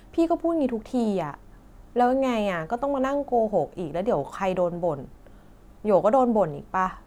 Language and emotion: Thai, frustrated